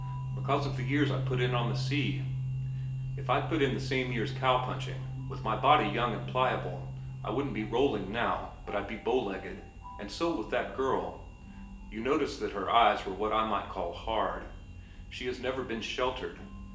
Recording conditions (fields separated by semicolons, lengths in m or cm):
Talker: one person; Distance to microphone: 1.8 m; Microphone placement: close; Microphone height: 1.0 m; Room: large; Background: music